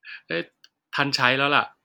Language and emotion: Thai, neutral